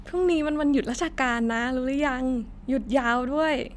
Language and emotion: Thai, happy